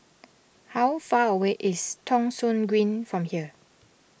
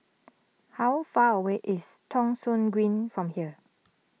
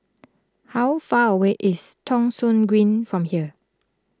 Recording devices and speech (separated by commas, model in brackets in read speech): boundary microphone (BM630), mobile phone (iPhone 6), close-talking microphone (WH20), read sentence